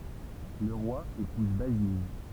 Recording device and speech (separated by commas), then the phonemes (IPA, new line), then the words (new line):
temple vibration pickup, read sentence
lə ʁwa epuz bazin
Le roi épouse Basine.